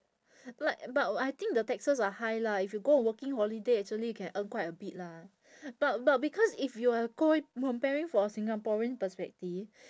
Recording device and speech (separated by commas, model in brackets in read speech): standing microphone, conversation in separate rooms